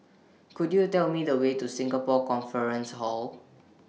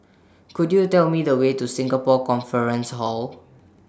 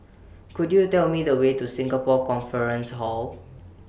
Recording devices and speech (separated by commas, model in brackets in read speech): mobile phone (iPhone 6), standing microphone (AKG C214), boundary microphone (BM630), read sentence